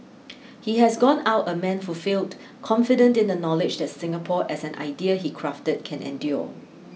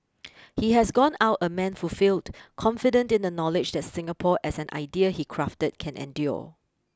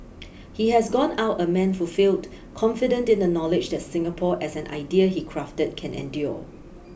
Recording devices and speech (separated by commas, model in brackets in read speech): mobile phone (iPhone 6), close-talking microphone (WH20), boundary microphone (BM630), read sentence